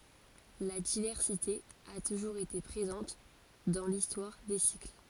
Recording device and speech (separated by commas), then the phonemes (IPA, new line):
forehead accelerometer, read sentence
la divɛʁsite a tuʒuʁz ete pʁezɑ̃t dɑ̃ listwaʁ de sikl